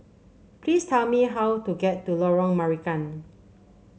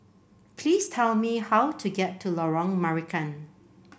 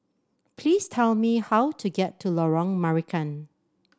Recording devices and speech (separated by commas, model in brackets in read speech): mobile phone (Samsung C7), boundary microphone (BM630), standing microphone (AKG C214), read sentence